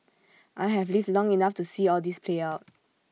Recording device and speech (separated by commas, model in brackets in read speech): mobile phone (iPhone 6), read sentence